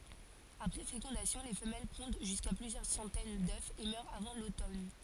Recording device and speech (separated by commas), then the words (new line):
forehead accelerometer, read sentence
Après fécondation, les femelles pondent jusqu'à plusieurs centaines d'œufs et meurent avant l'automne.